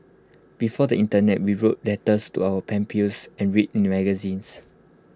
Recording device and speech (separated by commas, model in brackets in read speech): close-talking microphone (WH20), read sentence